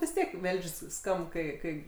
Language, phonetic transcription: Lithuanian, vis ˈtiek ˈvelž's' ˈskamb ˈkai ˈkai

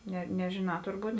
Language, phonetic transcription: Lithuanian, ˈne nežėˈnā turˈbūt

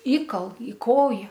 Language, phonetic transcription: Lithuanian, ˈįkal į ˈkoja

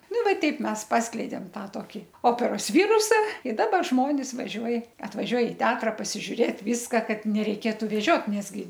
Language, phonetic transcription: Lithuanian, ˈnuˈva ˈteip ˈmes ˈpaskleidėm ˈtą ˈtoki ˈoperos ˈvyrusa i ˈdaba ˈžmonis vaˈžiuoj atvaˈžiuoj i ˈteatra pasižiuˈrėt ˈvyska ˈkad nereiˈkėtu veˈžiot ˈnes ˈgi

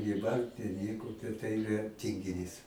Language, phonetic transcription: Lithuanian, gyˈvant ir ˈnieko ta ˈtai iˈra tingiˈnys

